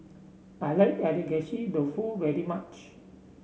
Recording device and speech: mobile phone (Samsung C7), read sentence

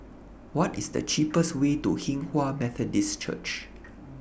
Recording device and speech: boundary microphone (BM630), read sentence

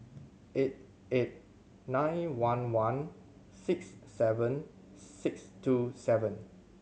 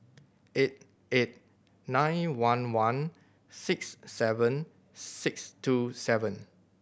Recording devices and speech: mobile phone (Samsung C7100), boundary microphone (BM630), read sentence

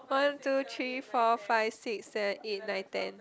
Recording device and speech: close-talking microphone, conversation in the same room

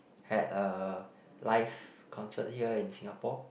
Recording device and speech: boundary microphone, conversation in the same room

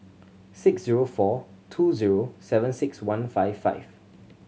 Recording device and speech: mobile phone (Samsung C7100), read sentence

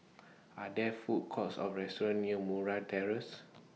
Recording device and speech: mobile phone (iPhone 6), read sentence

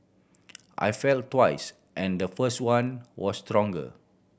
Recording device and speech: boundary microphone (BM630), read sentence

